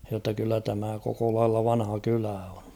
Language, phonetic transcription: Finnish, jotta kyllä tämä koko lailla 'vanha 'kylä on̬ .
- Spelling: jotta kyllä tämä koko lailla vanha kylä on

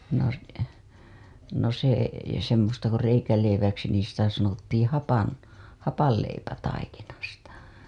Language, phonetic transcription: Finnish, no , s- , no se , semmosta ko reikäleiväksi niin̬ sitä sanottiiḭ 'hapan- , 'hapalleipätaikinasta .
- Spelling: no - no se semmoista kuin reikäleiväksi niin sitä sanottiin - hapanleipätaikinasta

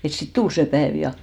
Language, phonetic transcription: Finnish, et sit "tul se 'päèv ja .
- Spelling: että sitten tuli se päivä ja

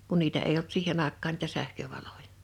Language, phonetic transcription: Finnish, kun 'niitä eij ‿olt 'siihen ‿àekkaan niitä 'sähkövalojᴀ .
- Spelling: kun niitä ei ollut siihen aikaan niitä sähkövaloja

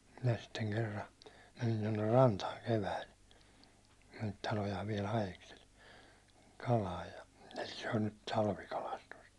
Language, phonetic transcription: Finnish, minä sitteŋ 'kerra , menin tonner 'rantaaŋ 'keväil , ne niit 'talojaav viɛl 'hajeksel , 'kalaaj ja , se on nyt 'talvikalastust .
- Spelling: minä sitten kerran menin tuonne rantaan keväällä ne niitä talojaan vielä haeskeli kalaa ja se on nyt talvikalastusta

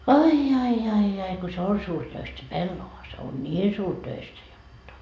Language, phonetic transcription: Finnish, 'ai ai ai ai ko 'se on 'suurtöist se "pellova , se on "ńiin 'suurtöistä 'jotta .
- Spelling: ai ai ai ai kun se on suuritöistä se pellava se on niin suuritöistä jotta

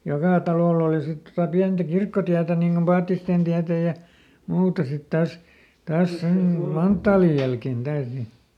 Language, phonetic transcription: Finnish, ˈjokà ˈtalòll ‿òli sit tota ˈpiäntä "kirkkotiätä niŋ Gom ˈPaattistèn tiätä ja , ˈmuuta sit ˈtas , ˈtaas ˈsem mu- "manttaalij jälken ˈDaas ni .
- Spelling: joka talolla oli sitten tuota pientä kirkkotietä niin kuin Paattisten tietä ja muuta sitten taas taas sen - manttaalin jälkeen taas niin

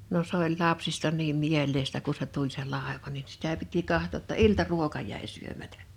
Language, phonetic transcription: Finnish, no 's ‿oĺ 'lapsista 'niim 'miel̆leistä ku(n) se 'tuĺ se 'làeva nin sitä piti 'kahtò ‿tta "iltaruoka jä̀i 'syömätᴀ̈ .
- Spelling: no se oli lapsista niin mieleistä kun se tuli se laiva niin sitä piti katsoa jotta iltaruoka jäi syömättä

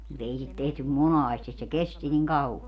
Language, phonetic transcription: Finnish, mu't ‿ei sit tehtym "monaastis se 'kesti niŋ 'kau₍a .
- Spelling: mutta ei sitä tehty monasti se kesti niin kauan

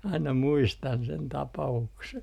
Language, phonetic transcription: Finnish, 'aina "muistan sen 'tapa₍ukse .
- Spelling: aina muistan sen tapauksen

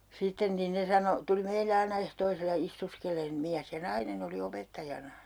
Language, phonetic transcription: Finnish, 'sitten nin 'ne sano , 'tuli meile "aina 'ehtoisella 'istuskel̀een , 'miäs ja "nainen ‿oli 'opettajana .
- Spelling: sitten niin ne sanoi tuli meille aina ehtoisella istuskelemaan mies ja nainen oli opettajana

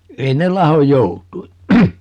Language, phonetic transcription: Finnish, 'ei ne "lahoj 'jout̀ui .
- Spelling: ei ne lahoa joutuin

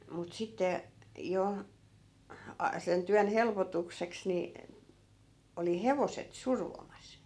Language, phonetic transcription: Finnish, mut 'sitte , 'jo , a- , sen 'tyän 'helpotukseks ni , 'oli "hevoset "survomas .
- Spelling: mutta sitten jo - sen työn helpotukseksi niin oli hevoset survomassa

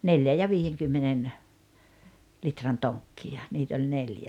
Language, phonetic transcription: Finnish, 'neljä ja "viijeŋkymmenen , 'litran "toŋkki₍a , niit ‿oĺ 'neljä .
- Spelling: neljän ja viidenkymmenen litran tonkkia niitä oli neljä

